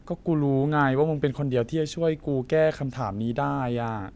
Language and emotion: Thai, frustrated